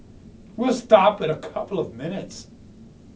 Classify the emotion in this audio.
disgusted